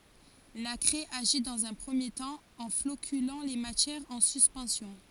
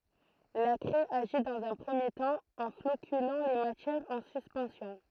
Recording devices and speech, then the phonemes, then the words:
forehead accelerometer, throat microphone, read sentence
la kʁɛ aʒi dɑ̃z œ̃ pʁəmje tɑ̃ ɑ̃ flokylɑ̃ le matjɛʁz ɑ̃ syspɑ̃sjɔ̃
La craie agit dans un premier temps, en floculant les matières en suspension.

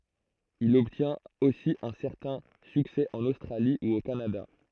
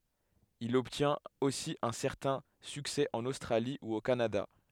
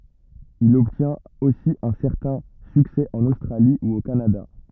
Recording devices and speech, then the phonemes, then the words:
throat microphone, headset microphone, rigid in-ear microphone, read sentence
il ɔbtjɛ̃t osi œ̃ sɛʁtɛ̃ syksɛ ɑ̃n ostʁali u o kanada
Il obtient aussi un certain succès en Australie ou au Canada.

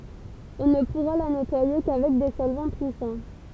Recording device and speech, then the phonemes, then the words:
temple vibration pickup, read sentence
ɔ̃ nə puʁa la nɛtwaje kavɛk de sɔlvɑ̃ pyisɑ̃
On ne pourra la nettoyer qu'avec des solvants puissants.

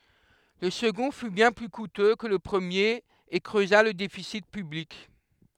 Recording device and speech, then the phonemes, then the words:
headset microphone, read sentence
lə səɡɔ̃ fy bjɛ̃ ply kutø kə lə pʁəmjeʁ e kʁøza lə defisi pyblik
Le second fut bien plus coûteux que le premier, et creusa le déficit public.

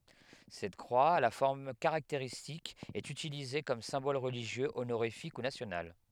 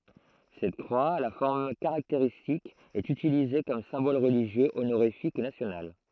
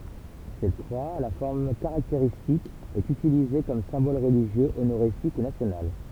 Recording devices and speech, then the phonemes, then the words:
headset microphone, throat microphone, temple vibration pickup, read sentence
sɛt kʁwa a la fɔʁm kaʁakteʁistik ɛt ytilize kɔm sɛ̃bɔl ʁəliʒjø onoʁifik u nasjonal
Cette croix, à la forme caractéristique, est utilisée comme symbole religieux, honorifique ou national.

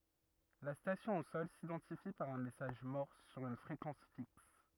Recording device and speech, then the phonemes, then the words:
rigid in-ear microphone, read sentence
la stasjɔ̃ o sɔl sidɑ̃tifi paʁ œ̃ mɛsaʒ mɔʁs syʁ yn fʁekɑ̃s fiks
La station au sol s'identifie par un message morse sur une fréquence fixe.

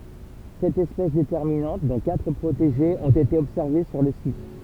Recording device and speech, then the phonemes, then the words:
temple vibration pickup, read sentence
sɛt ɛspɛs detɛʁminɑ̃t dɔ̃ katʁ pʁoteʒez ɔ̃t ete ɔbsɛʁve syʁ lə sit
Sept espèces déterminantes, dont quatre protégées, ont été observées sur le site.

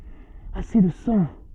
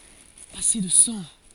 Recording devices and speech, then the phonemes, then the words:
soft in-ear microphone, forehead accelerometer, read sentence
ase də sɑ̃
Assez de sang.

